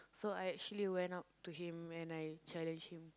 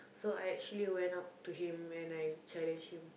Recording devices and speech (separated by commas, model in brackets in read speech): close-talking microphone, boundary microphone, conversation in the same room